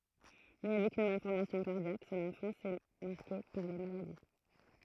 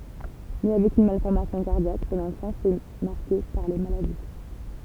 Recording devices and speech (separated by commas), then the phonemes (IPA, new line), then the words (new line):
throat microphone, temple vibration pickup, read sentence
ne avɛk yn malfɔʁmasjɔ̃ kaʁdjak sɔ̃n ɑ̃fɑ̃s ɛ maʁke paʁ le maladi
Né avec une malformation cardiaque, son enfance est marquée par les maladies.